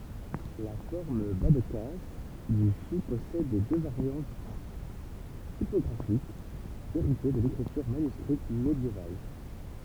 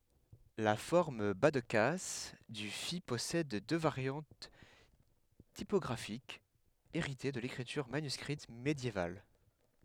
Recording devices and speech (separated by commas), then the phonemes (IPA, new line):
temple vibration pickup, headset microphone, read sentence
la fɔʁm bazdkas dy fi pɔsɛd dø vaʁjɑ̃t tipɔɡʁafikz eʁite də lekʁityʁ manyskʁit medjeval